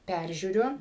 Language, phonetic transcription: Lithuanian, ˈpæržiūriu

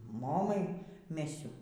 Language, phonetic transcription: Lithuanian, ˈmomai ˈmesiu

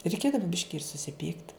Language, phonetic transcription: Lithuanian, reiˈkėdava ˈbiški ir susiˈpykt

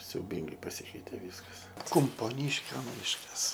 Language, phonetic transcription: Lithuanian, siauˈbyngai paˈsykeitė ˈvyskas kumpoˈnyškio ˈmiškas

